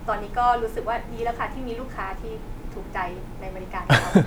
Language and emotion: Thai, happy